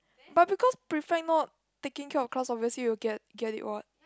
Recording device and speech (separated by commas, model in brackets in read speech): close-talking microphone, conversation in the same room